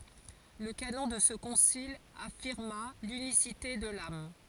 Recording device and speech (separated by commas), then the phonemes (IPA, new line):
forehead accelerometer, read sentence
lə kanɔ̃ də sə kɔ̃sil afiʁma lynisite də lam